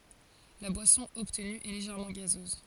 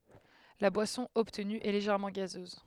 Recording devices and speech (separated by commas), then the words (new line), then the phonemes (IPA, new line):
forehead accelerometer, headset microphone, read sentence
La boisson obtenue est légèrement gazeuse.
la bwasɔ̃ ɔbtny ɛ leʒɛʁmɑ̃ ɡazøz